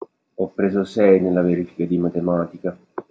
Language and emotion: Italian, sad